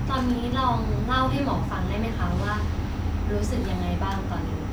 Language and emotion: Thai, neutral